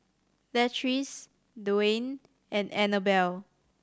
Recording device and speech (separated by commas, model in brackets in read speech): standing microphone (AKG C214), read sentence